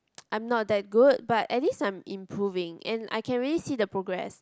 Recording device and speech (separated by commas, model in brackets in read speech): close-talking microphone, conversation in the same room